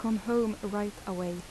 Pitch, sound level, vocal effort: 205 Hz, 80 dB SPL, soft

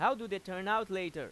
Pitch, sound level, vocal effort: 195 Hz, 96 dB SPL, very loud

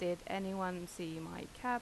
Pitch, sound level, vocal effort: 180 Hz, 84 dB SPL, normal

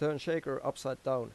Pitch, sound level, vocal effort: 135 Hz, 89 dB SPL, normal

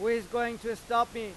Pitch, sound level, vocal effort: 230 Hz, 101 dB SPL, loud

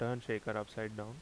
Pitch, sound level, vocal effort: 110 Hz, 81 dB SPL, normal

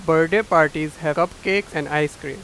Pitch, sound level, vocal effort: 160 Hz, 96 dB SPL, very loud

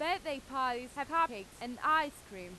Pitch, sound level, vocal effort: 265 Hz, 96 dB SPL, very loud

